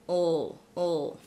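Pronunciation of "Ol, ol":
Each 'ol' is a dark L sound, with the L pronounced as a whole syllable.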